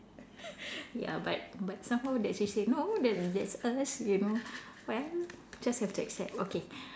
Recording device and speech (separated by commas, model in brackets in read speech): standing microphone, conversation in separate rooms